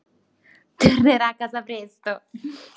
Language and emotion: Italian, happy